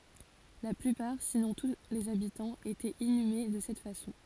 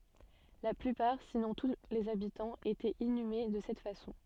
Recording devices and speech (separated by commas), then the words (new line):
forehead accelerometer, soft in-ear microphone, read sentence
La plupart, sinon tous les habitants, étaient inhumés de cette façon.